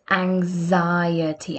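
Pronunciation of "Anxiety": In 'anxiety', the x is said as a z sound, with a little g sound just before the z.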